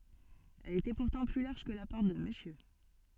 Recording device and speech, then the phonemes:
soft in-ear microphone, read sentence
ɛl etɛ puʁtɑ̃ ply laʁʒ kə la pɔʁt də məsjø

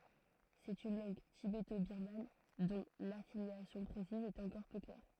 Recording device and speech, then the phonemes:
throat microphone, read sentence
sɛt yn lɑ̃ɡ tibetobiʁman dɔ̃ lafiljasjɔ̃ pʁesiz ɛt ɑ̃kɔʁ pø klɛʁ

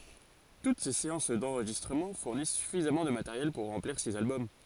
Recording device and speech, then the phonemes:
forehead accelerometer, read sentence
tut se seɑ̃s dɑ̃ʁʒistʁəmɑ̃ fuʁnis syfizamɑ̃ də mateʁjɛl puʁ ʁɑ̃pliʁ siz albɔm

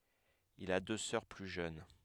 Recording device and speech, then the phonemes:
headset microphone, read sentence
il a dø sœʁ ply ʒøn

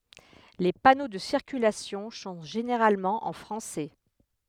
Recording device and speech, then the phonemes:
headset microphone, read sentence
le pano də siʁkylasjɔ̃ sɔ̃ ʒeneʁalmɑ̃ ɑ̃ fʁɑ̃sɛ

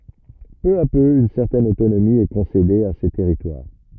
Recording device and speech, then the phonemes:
rigid in-ear microphone, read sentence
pø a pø yn sɛʁtɛn otonomi ɛ kɔ̃sede a se tɛʁitwaʁ

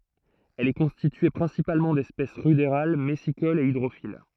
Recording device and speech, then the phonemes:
throat microphone, read sentence
ɛl ɛ kɔ̃stitye pʁɛ̃sipalmɑ̃ dɛspɛs ʁydeʁal mɛsikolz e idʁofil

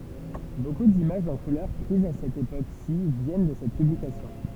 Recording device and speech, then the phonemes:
temple vibration pickup, read sentence
boku dimaʒz ɑ̃ kulœʁ pʁizz a sɛt epoksi vjɛn də sɛt pyblikasjɔ̃

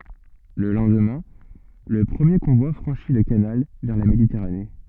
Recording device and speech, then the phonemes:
soft in-ear microphone, read sentence
lə lɑ̃dmɛ̃ lə pʁəmje kɔ̃vwa fʁɑ̃ʃi lə kanal vɛʁ la meditɛʁane

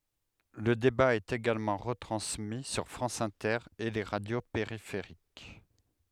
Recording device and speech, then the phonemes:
headset microphone, read sentence
lə deba ɛt eɡalmɑ̃ ʁətʁɑ̃smi syʁ fʁɑ̃s ɛ̃tɛʁ e le ʁadjo peʁifeʁik

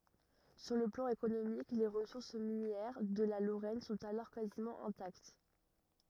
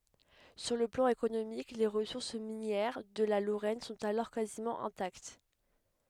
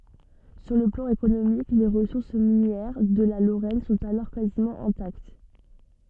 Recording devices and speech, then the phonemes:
rigid in-ear microphone, headset microphone, soft in-ear microphone, read sentence
syʁ lə plɑ̃ ekonomik le ʁəsuʁs minjɛʁ də la loʁɛn sɔ̃t alɔʁ kazimɑ̃ ɛ̃takt

